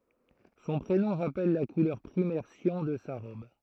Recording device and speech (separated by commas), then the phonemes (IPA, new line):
throat microphone, read sentence
sɔ̃ pʁenɔ̃ ʁapɛl la kulœʁ pʁimɛʁ sjɑ̃ də sa ʁɔb